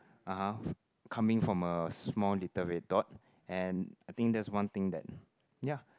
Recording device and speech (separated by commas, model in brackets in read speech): close-talking microphone, conversation in the same room